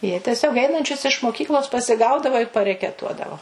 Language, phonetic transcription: Lithuanian, jie teˈsiog ˈeinančius iš moˈkyklos pasiˈgaudava ir parekeˈtuodavo

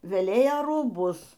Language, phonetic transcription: Lithuanian, veˈlėja rūˈbus

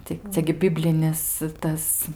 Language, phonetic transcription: Lithuanian, tai ˈcia gi ˈbiblinis ˈtas

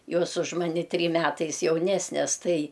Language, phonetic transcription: Lithuanian, ˈjos už ˈmani ˈtrym ˈmetais jauˈnesnes ˈtai

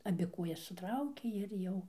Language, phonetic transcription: Lithuanian, aˈbi ˈkuojas suˈtraukė ir ˈjau

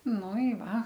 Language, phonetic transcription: Lithuanian, ˈnu i ˈva

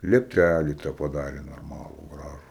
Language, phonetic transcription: Lithuanian, liepˈtælį ˈte paˈdarė norˈmalų ˈgražų

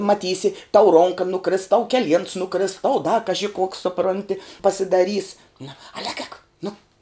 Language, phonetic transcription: Lithuanian, maˈtysi tau ˈronka nuˈkris tau keˈliens nuˈkris tau da kaži koks suˈpronti pasidaˈrys na al' ēk ēk nu

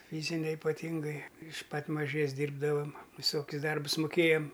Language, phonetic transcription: Lithuanian, ˈfyzinia ipaˈtyngai iš ˈpat maˈžės ˈdyrbdavam viˈsokius ˈdarbus muˈkėjam

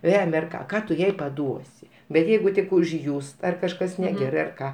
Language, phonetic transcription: Lithuanian, ˈvemia ar ˈką ˈką tu ˈjai paˈduosi bet ˈjeigu tik užˈjūst ar kažˈkas neˈgerai ar ˈką

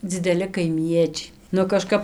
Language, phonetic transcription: Lithuanian, dzideˈli kaiˈmiečiai nu kaˈžkap

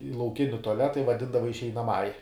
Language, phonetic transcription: Lithuanian, i lauˈkini tuaˈleta i vaˈdindava išeinaˈmąja

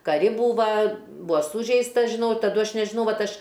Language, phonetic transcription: Lithuanian, kaˈri ˈbūva ˈbua ˈsūžeistas žiˈnau ir taˈdu ˈaš nežiˈnau ˈvat ˈaš

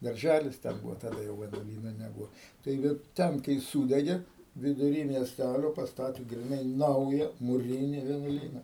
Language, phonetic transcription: Lithuanian, darˈžælis ˈten ˈbūvo taˈda jau vienuoˈlyno neˈbūo taiˈgi ˈten kai ˈsūdegė viduˈry miesˈtælio pasˈtatė griˈnai ˈnauja muˈrini vienuoˈlyna

